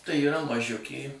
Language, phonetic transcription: Lithuanian, tai yˈra maˈžiukė

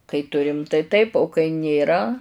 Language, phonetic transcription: Lithuanian, kai ˈturim tai ˈtaip o kai nėˈra

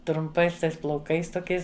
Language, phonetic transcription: Lithuanian, trumˈpais ˈtais plauˈkais toˈkiais

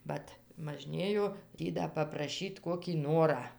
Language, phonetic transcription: Lithuanian, ˈvat maˈžnėjo ˈtį da papraˈšyt ˈkokį ˈnorą

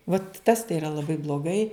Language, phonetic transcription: Lithuanian, vat tas tai iˈra laˈbai bloˈgai

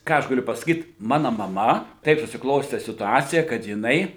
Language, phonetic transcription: Lithuanian, ˈką aš gaˈliu pasaˈkyt ˈmano maˈma ˈtaip susiˈkloste situˈacija kad jiˈnai

